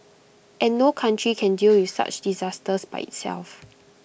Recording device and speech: boundary microphone (BM630), read sentence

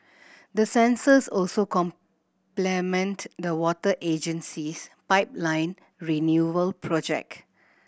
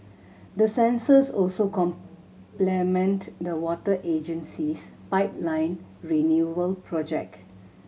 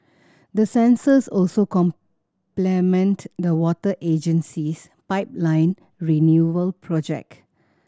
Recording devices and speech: boundary microphone (BM630), mobile phone (Samsung C7100), standing microphone (AKG C214), read sentence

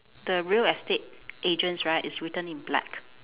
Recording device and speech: telephone, conversation in separate rooms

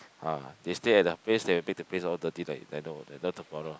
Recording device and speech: close-talking microphone, conversation in the same room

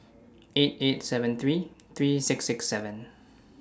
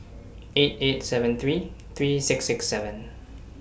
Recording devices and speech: standing microphone (AKG C214), boundary microphone (BM630), read sentence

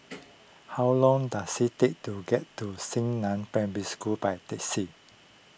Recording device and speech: boundary microphone (BM630), read sentence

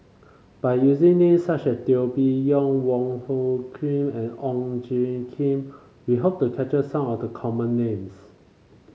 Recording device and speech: mobile phone (Samsung C5), read sentence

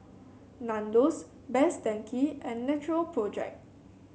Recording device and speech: mobile phone (Samsung C7), read sentence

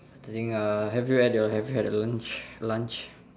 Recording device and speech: standing microphone, conversation in separate rooms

